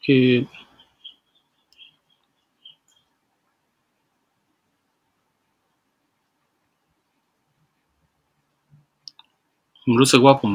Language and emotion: Thai, frustrated